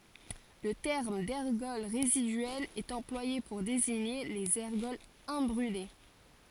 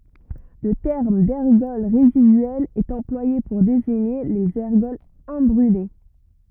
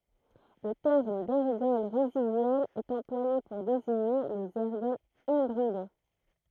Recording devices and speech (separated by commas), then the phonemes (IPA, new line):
forehead accelerometer, rigid in-ear microphone, throat microphone, read sentence
lə tɛʁm dɛʁɡɔl ʁezidyɛlz ɛt ɑ̃plwaje puʁ deziɲe lez ɛʁɡɔlz ɛ̃bʁyle